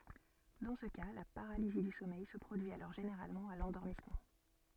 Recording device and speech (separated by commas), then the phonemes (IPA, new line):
soft in-ear microphone, read sentence
dɑ̃ sə ka la paʁalizi dy sɔmɛj sə pʁodyi alɔʁ ʒeneʁalmɑ̃ a lɑ̃dɔʁmismɑ̃